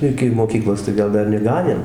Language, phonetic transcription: Lithuanian, ˈiki moˈkyklos tai ˈgal ˈdar neˈganėm

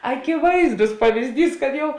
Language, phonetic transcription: Lithuanian, akiˈvaizdus pavizˈdys kad ˈjau

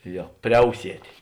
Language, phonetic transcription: Lithuanian, ˈjo ˈpriausietė

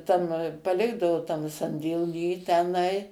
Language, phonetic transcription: Lithuanian, tam paˈlikdavo tam sandėˈly teˈnai

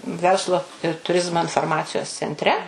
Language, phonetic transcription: Lithuanian, ˈverslu ir tuˈrizmo inforˈmacijos cenˈtre

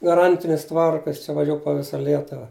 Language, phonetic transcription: Lithuanian, gaˈrantinis ˈtvarka ˈjis čia vaˈžiū po ˈvisa ˈlietuva

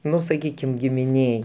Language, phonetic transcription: Lithuanian, ˈnu saˈkykim gimiˈnėj

